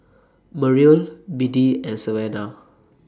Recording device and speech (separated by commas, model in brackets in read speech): standing microphone (AKG C214), read sentence